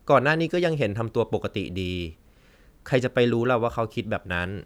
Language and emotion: Thai, neutral